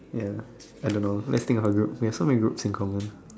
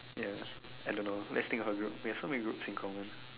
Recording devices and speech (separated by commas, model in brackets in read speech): standing microphone, telephone, conversation in separate rooms